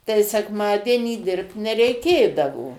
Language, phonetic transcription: Lithuanian, tai seˈkmadienį ˈdirbt nereiˈkėdavo

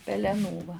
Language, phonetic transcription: Lithuanian, peleˈnų va

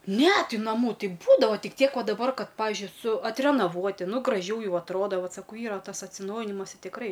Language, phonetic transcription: Lithuanian, ˈne ˈti naˈmų ˈti ˈbūdava ˈtik ˈtiek ˈva daˈbar ˈkad ˈpavižiui su atrenaˈvuoti ˈnu graˈžiau ˈjau atˈroda ˈvat saˈkau ˈyra tas atsiˈnaujinimas i tikˈrai

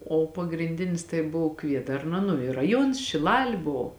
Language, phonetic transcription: Lithuanian, o pagrinˈdinis tai ˈbov ˈkviedarna nu i raˈjuons šiˈlali ˈbo

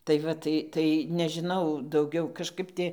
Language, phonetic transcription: Lithuanian, tai ˈva tai ˈtai nežiˈnau dauˈgiau kažˈkap ˈti

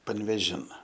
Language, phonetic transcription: Lithuanian, panvėˈžin

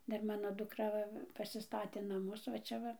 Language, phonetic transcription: Lithuanian, ˈdar ˈmano dukˈra ˈva pasiˈstatė naˈmus va ˈčia va

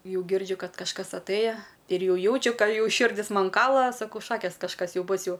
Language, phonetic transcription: Lithuanian, ˈjau ˈgirdžiu ˈkad kažˈkas atˈɘja ir ˈjau ˈjaučiu ˈką ˈjau ˈširdis ˈman ˈkala saˈkau ˈšakės kažˈkas ˈjau ˈbus ˈjau

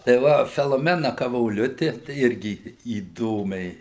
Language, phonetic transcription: Lithuanian, tai ˈva feloˈmena kavoˈliuti tai ˈirgi įˈdomiai

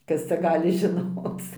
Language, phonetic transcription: Lithuanian, ˈkas cia ˈgali žiˈnoc

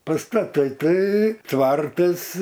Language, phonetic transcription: Lithuanian, paˈstatai ˈtai ˈtvartas

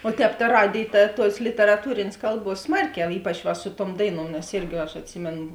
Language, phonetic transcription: Lithuanian, o ˈtēp ta ˈradėj ˈta ˈtuos literaˈtūrėnės ˈkalˌbuos ˈsmarˌkiau ˈypač va su tuom ˈdaiˌnuom nes ˈirgi aš atˈsimėn

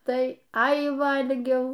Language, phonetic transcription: Lithuanian, tai ˈai ˈvalgiau

